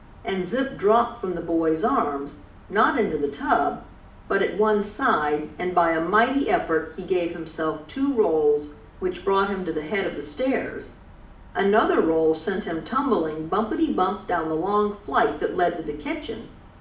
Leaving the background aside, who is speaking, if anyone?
One person.